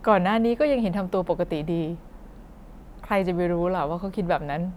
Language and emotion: Thai, neutral